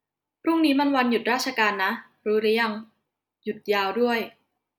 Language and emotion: Thai, neutral